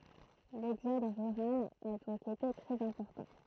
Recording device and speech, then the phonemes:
throat microphone, read sentence
lɛɡzɔd ʁyʁal a dɔ̃k ete tʁɛz ɛ̃pɔʁtɑ̃

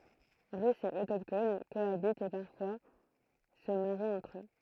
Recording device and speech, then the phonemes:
throat microphone, read sentence
ʁysz e otokton koabitt e paʁfwa sə maʁit ɑ̃tʁ ø

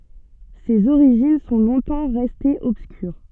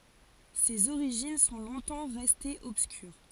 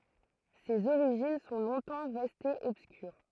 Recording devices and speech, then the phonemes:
soft in-ear microphone, forehead accelerometer, throat microphone, read sentence
sez oʁiʒin sɔ̃ lɔ̃tɑ̃ ʁɛstez ɔbskyʁ

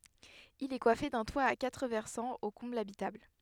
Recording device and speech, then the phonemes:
headset microphone, read sentence
il ɛ kwafe dœ̃ twa a katʁ vɛʁsɑ̃z o kɔ̃blz abitabl

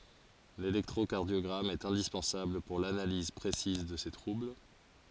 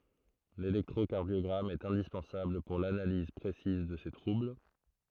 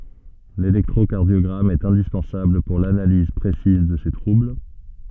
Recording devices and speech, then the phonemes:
forehead accelerometer, throat microphone, soft in-ear microphone, read sentence
lelɛktʁokaʁdjɔɡʁam ɛt ɛ̃dispɑ̃sabl puʁ lanaliz pʁesiz də se tʁubl

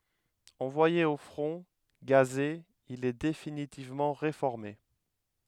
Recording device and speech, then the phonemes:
headset microphone, read sentence
ɑ̃vwaje o fʁɔ̃ ɡaze il ɛ definitivmɑ̃ ʁefɔʁme

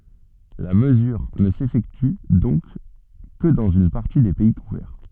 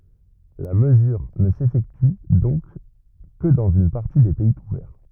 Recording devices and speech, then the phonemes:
soft in-ear microphone, rigid in-ear microphone, read sentence
la məzyʁ nə sefɛkty dɔ̃k kə dɑ̃z yn paʁti de pɛi kuvɛʁ

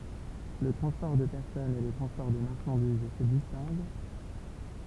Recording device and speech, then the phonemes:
temple vibration pickup, read sentence
lə tʁɑ̃spɔʁ də pɛʁsɔnz e lə tʁɑ̃spɔʁ də maʁʃɑ̃diz sə distɛ̃ɡ

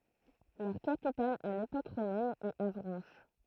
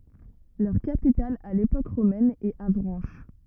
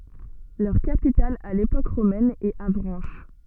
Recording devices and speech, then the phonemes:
throat microphone, rigid in-ear microphone, soft in-ear microphone, read sentence
lœʁ kapital a lepok ʁomɛn ɛt avʁɑ̃ʃ

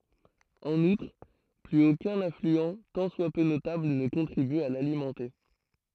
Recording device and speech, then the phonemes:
throat microphone, read sentence
ɑ̃n utʁ plyz okœ̃n aflyɑ̃ tɑ̃ swa pø notabl nə kɔ̃tʁiby a lalimɑ̃te

